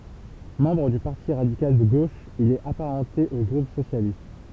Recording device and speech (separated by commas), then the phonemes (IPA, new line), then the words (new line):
temple vibration pickup, read sentence
mɑ̃bʁ dy paʁti ʁadikal də ɡoʃ il ɛt apaʁɑ̃te o ɡʁup sosjalist
Membre du Parti radical de gauche, il est apparenté au groupe socialiste.